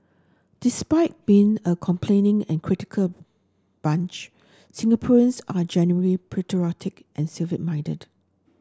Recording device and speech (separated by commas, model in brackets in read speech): standing microphone (AKG C214), read sentence